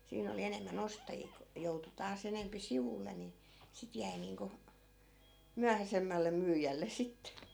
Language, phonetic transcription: Finnish, 'siin ‿oli 'enemmä'n ‿ostajii ku , 'joutu taas ‿enempi "sivulle ni , 'sit jäi niiŋku , 'myähäsemmäl̆le 'myyjälles̆ sit .
- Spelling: siinä oli enemmän ostajia kun joutui taas enempi sivulle niin sitten jäi niin kuin myöhäisemmälle myyjälle sitten

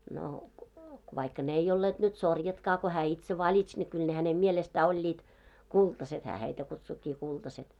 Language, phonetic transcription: Finnish, no , vaikka 'n ‿ei 'olleeᴅ nyt 'sorjatkaa ko hää 'itse 'vaĺits ne kyl hänem 'mielestä 'oĺĺiit , 'kultaset hää heitä kutsukkii kultaset .
- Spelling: no vaikka ne ei olleet nyt sorjatkaan kun hän itse valitsi ne kyllä hänen mielestä olivat kultaiset hän heitä kutsuikin kultaset

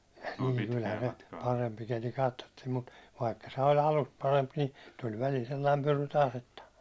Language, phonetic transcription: Finnish, niŋ kylhä se , 'parempi keli 'kattottiim mut , vaikka se oĺ 'alust 'paremp ni , tul välil 'sellaim 'pyry 'taas että .
- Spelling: niin kyllähän se parempi keli katsottiin mutta vaikka se oli alusta parempi niin tuli välillä sellainen pyry taas että

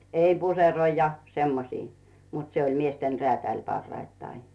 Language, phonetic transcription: Finnish, 'ei "puseroi ja 'semmosii , mut se oĺ "miesten 'reä̀täĺ parraittai .
- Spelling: ei puseroita ja semmoisia mutta se oli miesten räätäli parhaittain

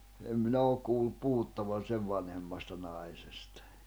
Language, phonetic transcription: Finnish, em 'minä ook kuullup 'puhuttavan̬ 'sev vanhemmasta 'nai̬sestᴀ .
- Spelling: en minä ole kuullut puhuttavan sen vanhemmasta naisesta

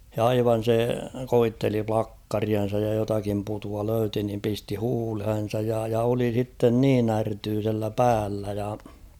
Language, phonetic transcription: Finnish, ja 'aivan̬ se "koitteli 'plakkarian̬saj ja jotakim putua 'löyti nim pisti 'huulhen̬saj ja , ja oli sitten 'niin ‿ärtyysellä 'päällä ja .
- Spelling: ja aivan se koetteli plakkariansa ja jotakin putua löysi niin pisti huuleensa ja ja oli sitten niin ärtyisellä päällä ja

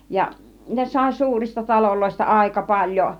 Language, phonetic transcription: Finnish, ja , 'ne sài 'suurista 'taloloista 'àika 'paĺjo ,.
- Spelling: ja ne sai suurista taloista aika paljon

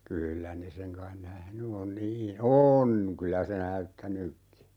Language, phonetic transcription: Finnish, 'kyyllä 'ne seŋ kain "nähny on 'nii , "on , 'kylä se "näyttänykki .
- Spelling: kyllä ne sen kai nähnyt on niin on kyllä se näyttänytkin

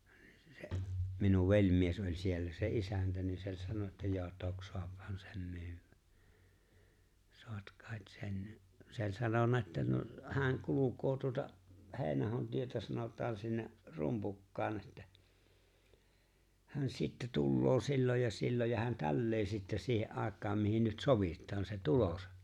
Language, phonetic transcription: Finnish, 'se'’ minuv 'veĺ̀mies oĺ̀ siellä se '’isäntä ni sè ‿o͔ĺ̀ 'sanona että » 'jò "tok 'soaphan 'sem 'my̬ywä , 'soat 'kàet 'sen « , se ‿o͔ĺ̀ 'sanona että no , hääŋ 'kuluk̀̀oo tuota , "He̬e̬ⁱn₍ahon tietä sanòt̆taan sinne , "Rumpukkaan ettᴀ̈ , hän 'sittɛ tulloo 'silloj ja 'silloj ja hän "tällee sittɛ siihe’ '’àek̆kaam mihin nyt "sovìt̆taan sen̬ "tulosa .
- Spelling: se minun velimies oli siellä se isäntä niin se oli sanonut että jo toki saahan sen myydä saa kai sen se oli sanonut että no hän kulkee tuota Heinäahon tietä sanotaan sinne Rumpukkaan että hän sitten tulee silloin ja silloin ja hän tällä lailla sitten siihen aikaan mihin nyt sovitaan sen tulonsa

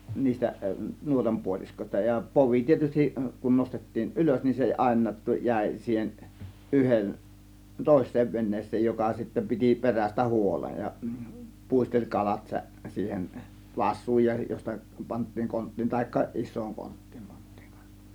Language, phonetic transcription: Finnish, 'niistä , 'nuotam 'puoliskośta ja , 'povi 'tietystiˀ , kun 'nostettiin "ˀylös nin se 'àėǹaat tu- , 'jä̀ė siihen , 'ˀyhen , "tòės̆seev 'ven̆nees̆seej 'joka sittä 'piti 'perästä "huolej ja , 'pùisteĺ 'kalat sä- , 'siihen , "vas̆suuj ja josta pant̆tiiŋ 'konttiin ta(h)ikka , 'issooŋ 'konttIIM pANttIIИ k(ANsA) .
- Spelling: niistä nuotan puoliskoista ja povi tietysti kun nostettiin ylös niin se aina - jäi siihen yhden toiseen veneeseen joka sitten piti perästä huolen ja puisteli kalat - siihen vasuun ja josta pantiin konttiin tai isoon konttiin pantiin kanssa

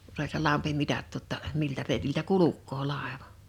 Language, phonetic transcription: Finnish, (ku) s ‿oĺ se 'lampi 'mitattu ‿tta , miltä rèitiltä "kuluk̆koo 'làeva .
- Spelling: kun se oli se lampi mitattu jotta miltä reitiltä kulkee laiva

